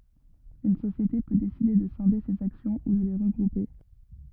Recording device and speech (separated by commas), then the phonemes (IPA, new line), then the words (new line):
rigid in-ear microphone, read sentence
yn sosjete pø deside də sɛ̃de sez aksjɔ̃ u də le ʁəɡʁupe
Une société peut décider de scinder ses actions ou de les regrouper.